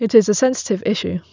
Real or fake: real